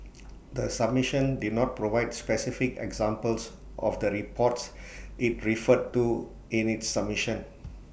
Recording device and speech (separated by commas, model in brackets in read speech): boundary microphone (BM630), read sentence